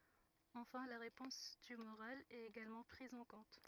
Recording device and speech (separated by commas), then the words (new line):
rigid in-ear microphone, read sentence
Enfin la réponse tumorale est également prise en compte.